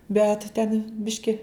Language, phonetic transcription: Lithuanian, bet ten ˈbiški

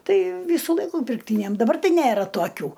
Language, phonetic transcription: Lithuanian, ˈtai ˈvysu ˈlaiku pirkˈtynem ˈdabar ˈtai ˈnæra toˈkių

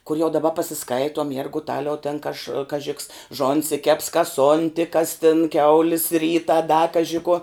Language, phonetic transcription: Lithuanian, kur jau daˈba pasiˈskaituom jerguˈtaliau ten kaž kaˈži ks ˈžonsi keps kas ˈonti kas tin ˈkiaulis ˈryta da ˈkaži kuo

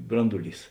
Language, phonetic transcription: Lithuanian, ˈbranduˌlys

